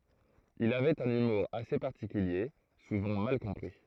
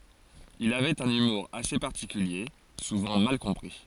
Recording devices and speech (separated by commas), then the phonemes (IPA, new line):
throat microphone, forehead accelerometer, read sentence
il avɛt œ̃n ymuʁ ase paʁtikylje suvɑ̃ mal kɔ̃pʁi